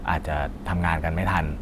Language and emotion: Thai, frustrated